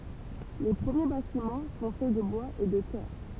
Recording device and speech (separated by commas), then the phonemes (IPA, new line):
temple vibration pickup, read sentence
le pʁəmje batimɑ̃ sɔ̃ fɛ də bwaz e də tɛʁ